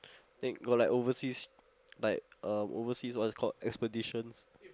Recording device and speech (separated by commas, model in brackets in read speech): close-talking microphone, conversation in the same room